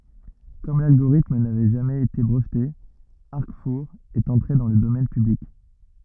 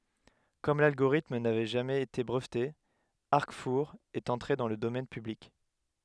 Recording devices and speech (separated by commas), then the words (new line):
rigid in-ear microphone, headset microphone, read sentence
Comme l'algorithme n'avait jamais été breveté, Arcfour est entré dans le domaine public.